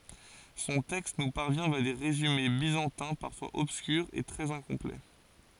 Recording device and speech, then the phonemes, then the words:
forehead accelerometer, read sentence
sɔ̃ tɛkst nu paʁvjɛ̃ vja de ʁezyme bizɑ̃tɛ̃ paʁfwaz ɔbskyʁz e tʁɛz ɛ̃kɔ̃plɛ
Son texte nous parvient via des résumés byzantins, parfois obscurs et très incomplets.

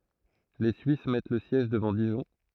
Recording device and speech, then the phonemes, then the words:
throat microphone, read sentence
le syis mɛt lə sjɛʒ dəvɑ̃ diʒɔ̃
Les Suisses mettent le siège devant Dijon.

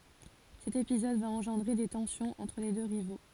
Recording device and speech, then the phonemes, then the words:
forehead accelerometer, read sentence
sɛt epizɔd va ɑ̃ʒɑ̃dʁe de tɑ̃sjɔ̃z ɑ̃tʁ le dø ʁivo
Cet épisode va engendrer des tensions entre les deux rivaux.

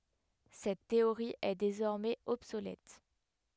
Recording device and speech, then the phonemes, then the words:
headset microphone, read sentence
sɛt teoʁi ɛ dezɔʁmɛz ɔbsolɛt
Cette théorie est désormais obsolète.

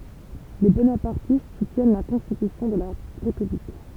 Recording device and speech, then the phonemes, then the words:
temple vibration pickup, read sentence
le bonapaʁtist sutjɛn la kɔ̃stitysjɔ̃ də la ʁepyblik
Les bonapartistes soutiennent la constitution de la République.

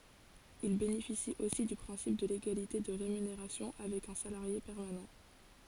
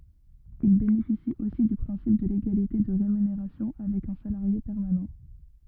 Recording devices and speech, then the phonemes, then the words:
forehead accelerometer, rigid in-ear microphone, read sentence
il benefisit osi dy pʁɛ̃sip də leɡalite də ʁemyneʁasjɔ̃ avɛk œ̃ salaʁje pɛʁmanɑ̃
Ils bénéficient aussi du principe de l'égalité de rémunération avec un salarié permanent.

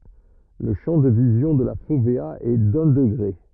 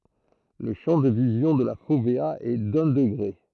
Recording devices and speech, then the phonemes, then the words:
rigid in-ear microphone, throat microphone, read sentence
lə ʃɑ̃ də vizjɔ̃ də la fovea ɛ dœ̃ dəɡʁe
Le champ de vision de la fovéa est d'un degré.

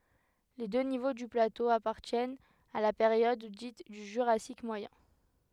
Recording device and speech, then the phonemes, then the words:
headset microphone, read sentence
le dø nivo dy plato apaʁtjɛnt a la peʁjɔd dit dy ʒyʁasik mwajɛ̃
Les deux niveaux du plateau appartiennent à la période dite du Jurassique moyen.

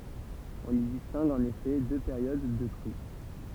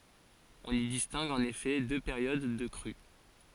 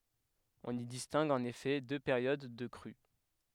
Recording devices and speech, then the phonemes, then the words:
temple vibration pickup, forehead accelerometer, headset microphone, read sentence
ɔ̃n i distɛ̃ɡ ɑ̃n efɛ dø peʁjod də kʁy
On y distingue en effet deux périodes de crue.

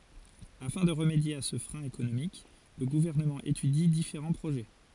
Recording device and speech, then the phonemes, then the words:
forehead accelerometer, read sentence
afɛ̃ də ʁəmedje a sə fʁɛ̃ ekonomik lə ɡuvɛʁnəmɑ̃ etydi difeʁɑ̃ pʁoʒɛ
Afin de remédier à ce frein économique, le gouvernement étudie différents projets.

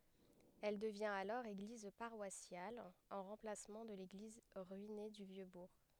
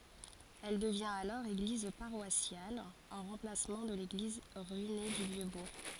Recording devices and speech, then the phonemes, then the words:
headset microphone, forehead accelerometer, read sentence
ɛl dəvjɛ̃t alɔʁ eɡliz paʁwasjal ɑ̃ ʁɑ̃plasmɑ̃ də leɡliz ʁyine dy vjø buʁ
Elle devient alors église paroissiale, en remplacement de l'église ruinée du Vieux-Bourg.

